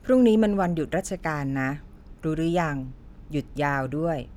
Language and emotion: Thai, neutral